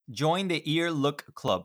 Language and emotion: English, neutral